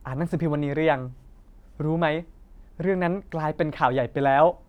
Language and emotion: Thai, happy